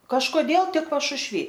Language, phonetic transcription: Lithuanian, kažkoˈdėl ˈtik pašušˈvy

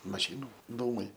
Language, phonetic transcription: Lithuanian, maˈšynu ˈdūmai

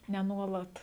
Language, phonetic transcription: Lithuanian, ne ˈnuolat

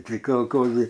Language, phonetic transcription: Lithuanian, tai kalˈkozai

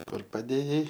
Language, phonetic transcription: Lithuanian, ˈkur paˈdėjai

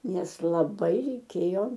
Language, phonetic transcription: Lithuanian, ˈnes laˈbai reiˈkėjo

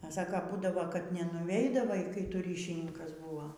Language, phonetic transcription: Lithuanian, a ˈsako ˈbūdavo kad nenuˈveidavai kai ˈtu ˈryšininkas ˈbuvo

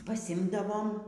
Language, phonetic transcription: Lithuanian, paˈsimdavom

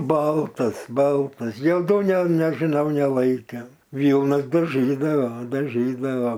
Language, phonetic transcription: Lithuanian, ˈbaltas ˈbaltas joˈdų ne nežiˈnau neˈlaikė ˈvylnas daˈžydavo daˈžydavo

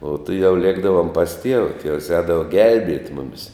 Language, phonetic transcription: Lithuanian, o tuˈjau ˈliekdavom pas tieva tievs ˈēdava ˈgelbiet' ˈmumis

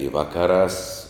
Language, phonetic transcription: Lithuanian, i ˈvakaˌrās

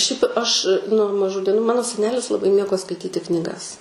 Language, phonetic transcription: Lithuanian, šiaip aš nuo maˈžų dieˈnų ˈmano seˈnelis laˈbai ˈmėgo skaiˈtyti knyˈgas

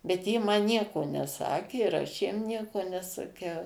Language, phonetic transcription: Lithuanian, bet ˈjie ˈman ˈnieko neˈsakė ir ˈaš jiem ˈnieko nesaˈkiau

